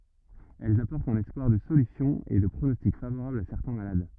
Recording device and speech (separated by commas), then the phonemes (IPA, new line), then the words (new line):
rigid in-ear microphone, read sentence
ɛlz apɔʁtt œ̃n ɛspwaʁ də solysjɔ̃ e də pʁonɔstik favoʁabl a sɛʁtɛ̃ malad
Elles apportent un espoir de solution et de pronostic favorable à certains malades.